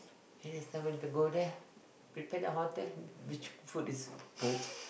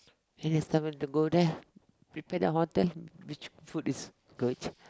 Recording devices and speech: boundary microphone, close-talking microphone, conversation in the same room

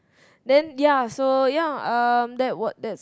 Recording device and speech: close-talking microphone, conversation in the same room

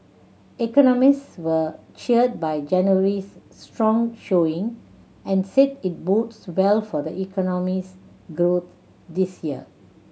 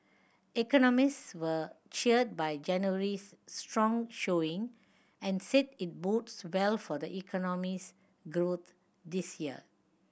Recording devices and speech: mobile phone (Samsung C7100), boundary microphone (BM630), read sentence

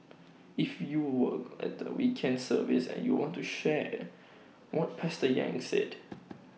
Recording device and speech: mobile phone (iPhone 6), read sentence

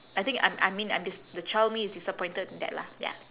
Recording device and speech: telephone, conversation in separate rooms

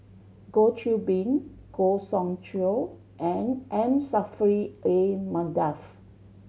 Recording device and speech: mobile phone (Samsung C7100), read sentence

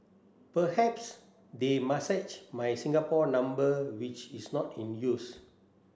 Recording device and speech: standing microphone (AKG C214), read sentence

